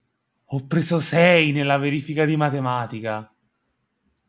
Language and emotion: Italian, surprised